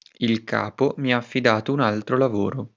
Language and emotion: Italian, neutral